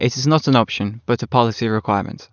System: none